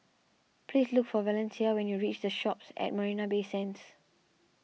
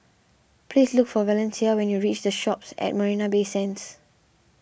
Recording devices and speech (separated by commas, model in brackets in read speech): mobile phone (iPhone 6), boundary microphone (BM630), read sentence